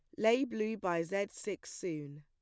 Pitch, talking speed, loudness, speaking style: 200 Hz, 180 wpm, -36 LUFS, plain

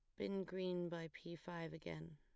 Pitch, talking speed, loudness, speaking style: 170 Hz, 185 wpm, -47 LUFS, plain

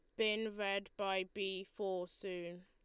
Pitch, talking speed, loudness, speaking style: 195 Hz, 150 wpm, -40 LUFS, Lombard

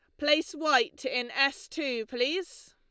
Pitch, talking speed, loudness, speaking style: 295 Hz, 145 wpm, -28 LUFS, Lombard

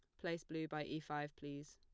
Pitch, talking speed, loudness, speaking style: 150 Hz, 235 wpm, -46 LUFS, plain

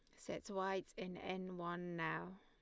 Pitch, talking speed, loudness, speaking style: 185 Hz, 165 wpm, -45 LUFS, Lombard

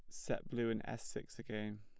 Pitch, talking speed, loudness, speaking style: 110 Hz, 225 wpm, -43 LUFS, plain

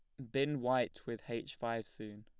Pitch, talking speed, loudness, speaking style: 115 Hz, 195 wpm, -38 LUFS, plain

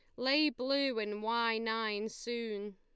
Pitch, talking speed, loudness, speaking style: 225 Hz, 140 wpm, -34 LUFS, Lombard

